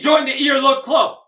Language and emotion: English, neutral